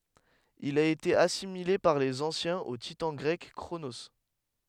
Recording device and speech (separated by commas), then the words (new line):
headset microphone, read sentence
Il a été assimilé par les anciens au titan grec Cronos.